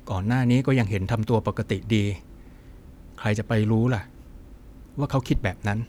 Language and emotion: Thai, frustrated